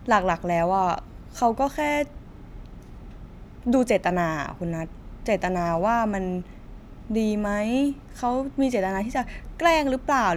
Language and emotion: Thai, frustrated